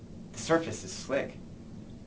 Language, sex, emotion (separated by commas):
English, male, neutral